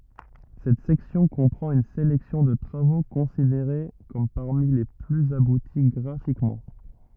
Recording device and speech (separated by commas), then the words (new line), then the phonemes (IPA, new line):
rigid in-ear microphone, read sentence
Cette section comprend une sélection de travaux considérés comme parmi les plus aboutis graphiquement.
sɛt sɛksjɔ̃ kɔ̃pʁɑ̃t yn selɛksjɔ̃ də tʁavo kɔ̃sideʁe kɔm paʁmi le plyz abuti ɡʁafikmɑ̃